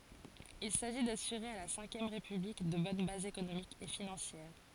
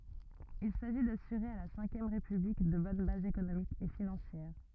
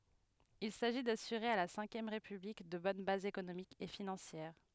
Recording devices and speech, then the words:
forehead accelerometer, rigid in-ear microphone, headset microphone, read sentence
Il s'agit d'assurer à la Cinquième République de bonnes bases économiques et financières.

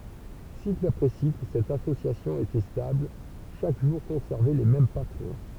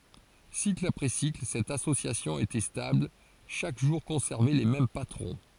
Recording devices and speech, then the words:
temple vibration pickup, forehead accelerometer, read sentence
Cycle après cycle, cette association était stable, chaque jour conservait les mêmes patrons.

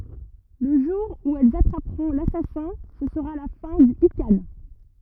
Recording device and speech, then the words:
rigid in-ear microphone, read sentence
Le jour où elles attraperont l'assassin, ce sera la fin du ikhan.

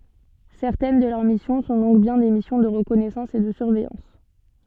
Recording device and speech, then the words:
soft in-ear microphone, read sentence
Certaines de leurs missions sont donc bien des missions de reconnaissance et de surveillance.

